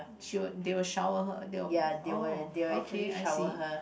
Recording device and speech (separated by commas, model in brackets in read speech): boundary microphone, conversation in the same room